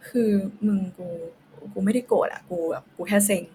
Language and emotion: Thai, frustrated